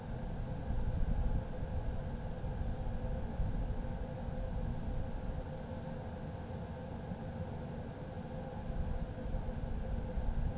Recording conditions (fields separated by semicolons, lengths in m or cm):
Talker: no one; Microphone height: 30 cm; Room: small (3.7 m by 2.7 m); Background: none